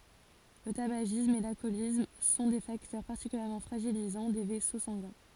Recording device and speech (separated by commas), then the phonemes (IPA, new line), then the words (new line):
forehead accelerometer, read sentence
lə tabaʒism e lalkɔlism sɔ̃ de faktœʁ paʁtikyljɛʁmɑ̃ fʁaʒilizɑ̃ de vɛso sɑ̃ɡɛ̃
Le tabagisme et l'alcoolisme sont des facteurs particulièrement fragilisants des vaisseaux sanguins.